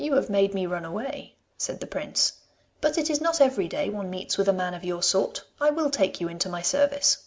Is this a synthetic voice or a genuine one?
genuine